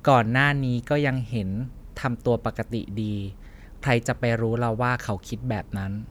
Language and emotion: Thai, neutral